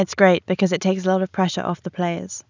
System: none